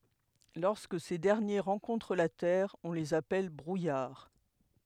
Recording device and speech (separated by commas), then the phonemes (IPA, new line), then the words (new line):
headset microphone, read sentence
lɔʁskə se dɛʁnje ʁɑ̃kɔ̃tʁ la tɛʁ ɔ̃ lez apɛl bʁujaʁ
Lorsque ces derniers rencontrent la terre, on les appelle brouillard.